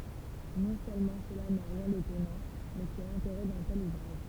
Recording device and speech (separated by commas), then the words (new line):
temple vibration pickup, read sentence
Non seulement cela n’a rien d’étonnant, mais c’est l’intérêt d’un tel ouvrage.